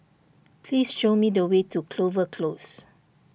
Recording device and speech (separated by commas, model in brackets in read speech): boundary microphone (BM630), read sentence